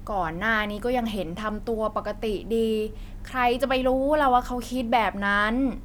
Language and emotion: Thai, frustrated